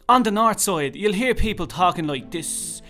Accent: Northern Dublin accent